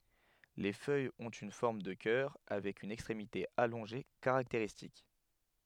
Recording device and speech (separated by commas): headset microphone, read sentence